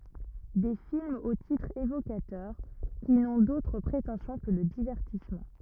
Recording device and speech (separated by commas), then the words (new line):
rigid in-ear microphone, read sentence
Des films aux titres évocateurs qui n'ont d'autre prétention que le divertissement.